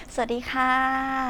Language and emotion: Thai, happy